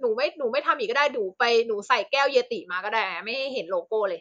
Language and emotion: Thai, frustrated